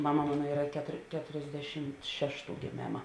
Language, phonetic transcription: Lithuanian, ˈmama ˈmano ˈyra ketor ˈketorsˌdešimt ˈšešˌtų gėˈmėma

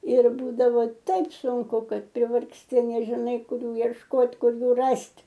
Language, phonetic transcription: Lithuanian, ir ˈbūdavo ˈtaip sunˈku ˈkad privargsˈti nežiˈnai ˈkur ˈjų iešˈkot ˈkur ˈjų ˈrast'

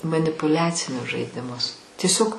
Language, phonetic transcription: Lithuanian, manipuˈliacinius žaidiˈmus tieˈsiog

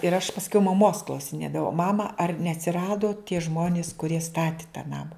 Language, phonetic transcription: Lithuanian, ir aš pasˈkiau maˈmos klausiˈnėdavau ˈmama ar neatsiˈrado tie ˈžmonis kuˈrie ˈstati tą ˈnama

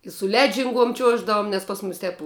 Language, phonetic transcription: Lithuanian, i su ˈledžinˌguom ˈčiuoždavum nes pas ˈmus ˈtep

